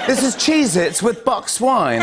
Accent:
British accent